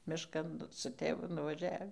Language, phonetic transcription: Lithuanian, mišˈkan su ˈtėvu nuvaˈžiavį

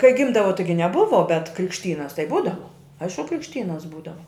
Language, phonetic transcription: Lithuanian, kai ˈgimdavo ˈtaigi neˈbuvo bet krikšˈtynas tai ˈbūdavo ˈaišku krikšˈtynas ˈbūdava

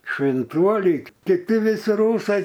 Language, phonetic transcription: Lithuanian, švinˈtuoli kiˈti viˈsi ˈrūsai

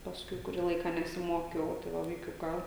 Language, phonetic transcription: Lithuanian, pasˈkui kuˈrį ˈlaiką nesiˈmokiau tai ˈva vaiˈkiuką

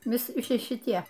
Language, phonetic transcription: Lithuanian, viˈsi ˈši šiˈtie

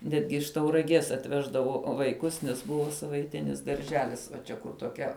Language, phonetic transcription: Lithuanian, ˈnetgi iš tauraˈgies atˈveždavo vaiˈkus nes ˈbuvo savaiˈtinis darˈželis va ˈčia kur toˈkia

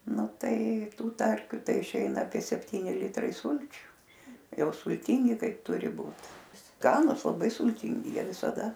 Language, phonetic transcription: Lithuanian, ˈnu ˈtai ˈtų ˈtarkiu ˈtai išˈeina apie sepˈtyni ˈlitrai ˈsulčiu ˈjau sulˈtingi ˈkaip ˈturi ˈbūt ˈskanus laˈbai sulˈtingi ˈjie visaˈda

